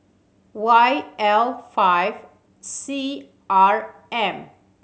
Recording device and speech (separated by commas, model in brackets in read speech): mobile phone (Samsung C7100), read sentence